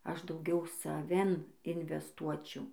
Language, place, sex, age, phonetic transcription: Lithuanian, Dzūkija, female, 18-60, ˈaš dauˈgiau saˈvin invesˈtuočiau

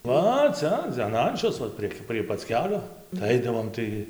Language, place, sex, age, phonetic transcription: Lithuanian, Dzūkija, male, 18-60, ˈva ˈca an ˈančios va ˈprieg' prie pac ˈkelio tai ˈaidavom ˈtai

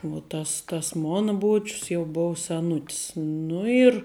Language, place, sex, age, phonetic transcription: Lithuanian, Žemaitija, female, 18-60, vuo ˈtas tas ˈmona ˈbuočius jau ˈbov seˈnutis ˈnu ir

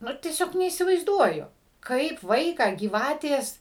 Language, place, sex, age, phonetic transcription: Lithuanian, Suvalkija, female, 60+, ˈnu tieˈsiog neįsivaizˈduoju ˈkaip ˈvaiką gyˈvatės

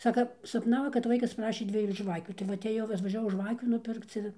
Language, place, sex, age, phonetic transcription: Lithuanian, Dzūkija, female, 60+, ˈsaka sapˈnavo kad ˈvaikas ˈprašė ˈdviejų ˈžvakių tai ˈva atėˈjau atvažiaˈvau ˈžvakių nuˈpirkc ir

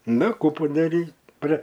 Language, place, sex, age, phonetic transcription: Lithuanian, Aukštaitija, male, 60+, ˈnu ˈkų padaˈryt' pra

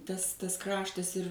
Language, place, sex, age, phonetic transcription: Lithuanian, Suvalkija, female, 60+, ˈtas ˈtas ˈkraštas ir

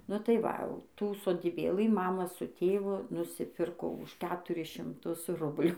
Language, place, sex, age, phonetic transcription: Lithuanian, Dzūkija, female, 18-60, nu ˈtai ˈva au tų sodyˈbėlɨ ˈmama su ˈtėvu nusiˈpirko už ˈketuris šimˈtus ˈrublių

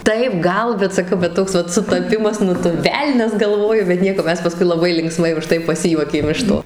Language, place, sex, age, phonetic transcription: Lithuanian, Suvalkija, female, 18-60, ˈtaip ˈgal bet saˈkau bet ˈtoks vat sutaˈpimas ˈnu tu ˈvelnias galˈvoju bet ˈnieko ˈmes paˈskui laˈbai linkˈsmai uˈžtai paˈsijuokėm iš ˈto

